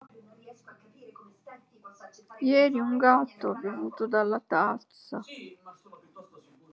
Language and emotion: Italian, sad